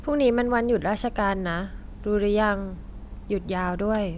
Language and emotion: Thai, neutral